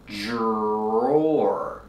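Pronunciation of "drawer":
In 'drawer', the dr sounds like a voiced j, as in 'juice' and 'jump', followed by the r. The ending sounds like the 'or' in 'floor' and 'more'.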